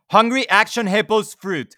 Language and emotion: English, neutral